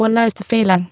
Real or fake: fake